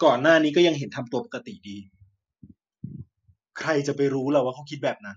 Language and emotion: Thai, frustrated